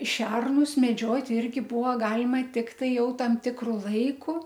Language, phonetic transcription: Lithuanian, ˈšernus meˈdžiot' ˈirgi ˈbuvo ˈgalima ˈtiktai ˈjau ˈtam ˈtikru ˈlaiku

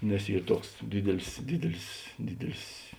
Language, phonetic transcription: Lithuanian, nes ˈyr ˈtuoks ˈdydelis ˈdydelis ˈdydelis

